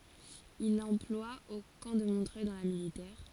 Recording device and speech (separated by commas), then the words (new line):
forehead accelerometer, read sentence
Il l'emploie au camp de Montreuil dans la militaire.